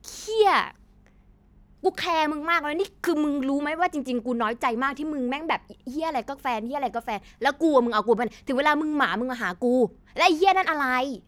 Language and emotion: Thai, frustrated